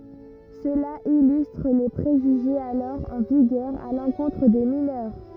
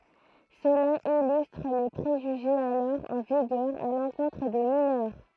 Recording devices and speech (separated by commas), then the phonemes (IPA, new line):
rigid in-ear microphone, throat microphone, read sentence
səla ilystʁ le pʁeʒyʒez alɔʁ ɑ̃ viɡœʁ a lɑ̃kɔ̃tʁ de minœʁ